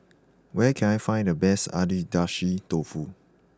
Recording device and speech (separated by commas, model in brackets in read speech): close-talking microphone (WH20), read sentence